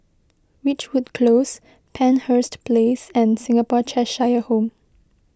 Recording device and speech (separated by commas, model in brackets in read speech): close-talking microphone (WH20), read sentence